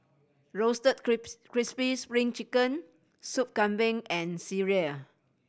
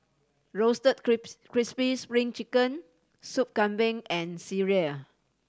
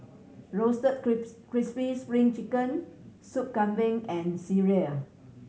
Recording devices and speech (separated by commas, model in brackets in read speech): boundary microphone (BM630), standing microphone (AKG C214), mobile phone (Samsung C7100), read sentence